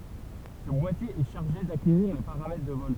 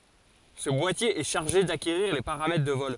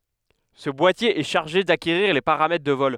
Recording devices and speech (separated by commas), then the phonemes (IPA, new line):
temple vibration pickup, forehead accelerometer, headset microphone, read sentence
sə bwatje ɛ ʃaʁʒe dakeʁiʁ le paʁamɛtʁ də vɔl